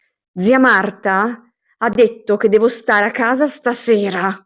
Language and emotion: Italian, angry